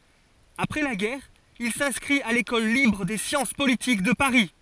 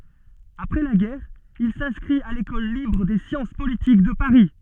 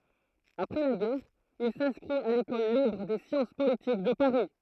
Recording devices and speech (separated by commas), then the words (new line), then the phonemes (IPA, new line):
forehead accelerometer, soft in-ear microphone, throat microphone, read sentence
Après la guerre, il s’inscrit à l’École libre des sciences politiques de Paris.
apʁɛ la ɡɛʁ il sɛ̃skʁit a lekɔl libʁ de sjɑ̃s politik də paʁi